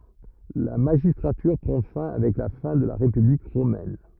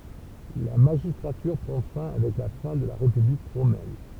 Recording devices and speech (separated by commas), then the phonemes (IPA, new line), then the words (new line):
rigid in-ear microphone, temple vibration pickup, read sentence
la maʒistʁatyʁ pʁɑ̃ fɛ̃ avɛk la fɛ̃ də la ʁepyblik ʁomɛn
La magistrature prend fin avec la fin de la République romaine.